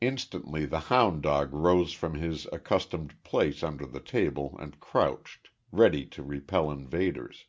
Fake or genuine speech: genuine